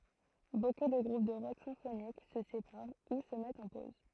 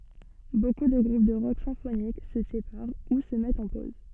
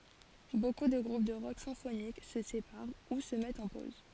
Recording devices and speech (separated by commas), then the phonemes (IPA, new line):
throat microphone, soft in-ear microphone, forehead accelerometer, read sentence
boku də ɡʁup də ʁɔk sɛ̃fonik sə sepaʁ u sə mɛtt ɑ̃ poz